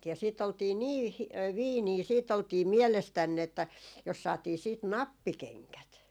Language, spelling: Finnish, ja sitten oltiin niin - fiinejä sitten oltiin mielestään että jos saatiin sitten nappikengät
- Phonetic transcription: ja siit ‿oltii "nii hi- , "viinii 'siit ‿oltii 'mielestänn ‿että , jos 'saatii siit "nappikeŋkät .

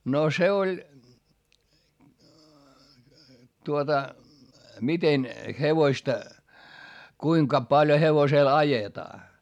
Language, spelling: Finnish, no se oli tuota miten hevosta kuinka paljon hevosella ajetaan
- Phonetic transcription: no se oĺ , tuota , miten hevoⁱsta , kuiŋka palʲᵒ hevosèl ajetaa .

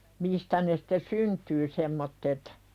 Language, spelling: Finnish, mistä ne sitten syntyy semmoiset
- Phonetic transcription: 'mistä ne sᴵte "syntyy semmottet .

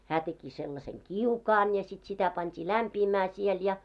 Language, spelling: Finnish, hän teki sellaisen kiukaan ja sitten sitä pantiin lämpiämään siellä ja
- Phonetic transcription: 'hää teki sellaseŋ "kiukaan ja sit sitä 'pant́ii "lämpiimää siel ja .

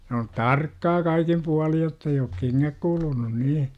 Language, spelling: Finnish, se on tarkkaa kaikin puolin jotta ei ole kengät kuluneet niin
- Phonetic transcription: s ‿oon "tarkkaa 'kaikim 'pualij jott ‿ei ook "keŋŋäk 'kulunun 'nii .

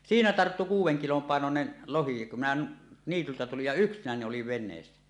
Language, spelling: Finnish, siinä tarttui kuuden kilon painoinen lohi kun minä niityltä tulin ja yksinäni olin veneessä
- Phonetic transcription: siinä 'tarttu 'kuuw̆weŋ kilom pàenonen , "lohi kum minä , 'niityltä tulij ja "yksinäni oliv 'ven̆neessä .

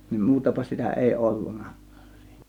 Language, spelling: Finnish, niin muutapa sitä ei ollutkaan -
- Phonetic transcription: niim 'muutapa 'sitä èi "ollunna(k̆kAAN sII-) .

